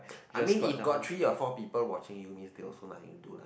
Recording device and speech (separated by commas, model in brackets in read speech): boundary microphone, conversation in the same room